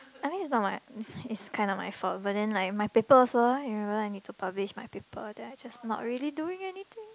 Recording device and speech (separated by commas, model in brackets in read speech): close-talking microphone, conversation in the same room